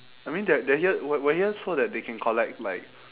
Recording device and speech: telephone, conversation in separate rooms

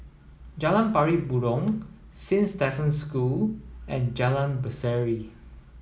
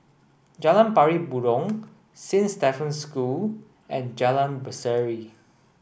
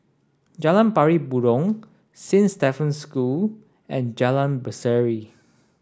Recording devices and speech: mobile phone (iPhone 7), boundary microphone (BM630), standing microphone (AKG C214), read sentence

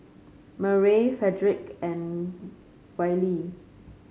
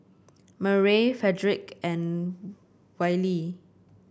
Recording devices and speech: mobile phone (Samsung C5), boundary microphone (BM630), read sentence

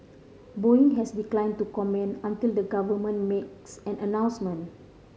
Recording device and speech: mobile phone (Samsung C5010), read sentence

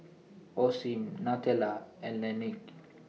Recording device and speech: mobile phone (iPhone 6), read sentence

